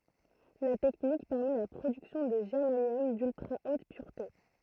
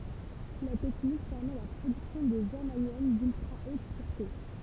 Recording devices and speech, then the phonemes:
throat microphone, temple vibration pickup, read sentence
la tɛknik pɛʁmɛ la pʁodyksjɔ̃ də ʒɛʁmanjɔm dyltʁa ot pyʁte

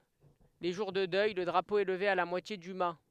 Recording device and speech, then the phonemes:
headset microphone, read sentence
le ʒuʁ də dœj lə dʁapo ɛ ləve a la mwatje dy ma

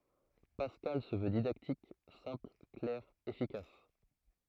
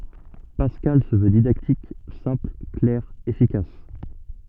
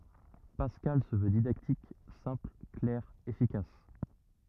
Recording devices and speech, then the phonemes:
throat microphone, soft in-ear microphone, rigid in-ear microphone, read sentence
paskal sə vø didaktik sɛ̃pl klɛʁ efikas

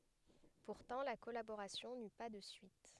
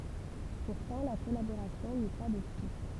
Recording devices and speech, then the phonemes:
headset microphone, temple vibration pickup, read sentence
puʁtɑ̃ la kɔlaboʁasjɔ̃ ny pa də syit

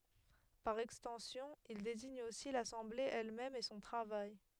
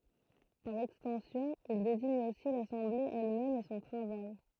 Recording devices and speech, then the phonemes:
headset microphone, throat microphone, read sentence
paʁ ɛkstɑ̃sjɔ̃ il deziɲ osi lasɑ̃ble ɛlmɛm e sɔ̃ tʁavaj

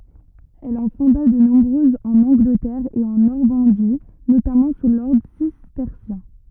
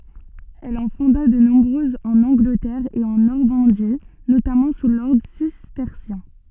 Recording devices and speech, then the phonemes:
rigid in-ear microphone, soft in-ear microphone, read sentence
ɛl ɑ̃ fɔ̃da də nɔ̃bʁøzz ɑ̃n ɑ̃ɡlətɛʁ e ɑ̃ nɔʁmɑ̃di notamɑ̃ su lɔʁdʁ sistɛʁsjɛ̃

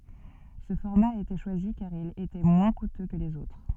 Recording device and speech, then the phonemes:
soft in-ear microphone, read sentence
sə fɔʁma a ete ʃwazi kaʁ il etɛ mwɛ̃ kutø kə lez otʁ

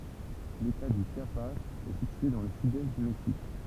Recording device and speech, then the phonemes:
temple vibration pickup, read sentence
leta dy ʃjapaz ɛ sitye dɑ̃ lə sydɛst dy mɛksik

